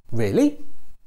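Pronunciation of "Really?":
'Really?' is said with a rising tone that expresses doubt.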